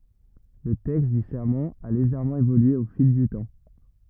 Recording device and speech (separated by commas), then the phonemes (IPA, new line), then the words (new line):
rigid in-ear microphone, read sentence
lə tɛkst dy sɛʁmɑ̃ a leʒɛʁmɑ̃ evolye o fil dy tɑ̃
Le texte du serment a légèrement évolué au fil du temps.